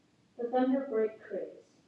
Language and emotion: English, neutral